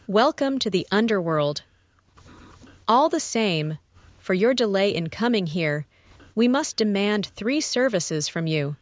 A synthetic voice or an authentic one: synthetic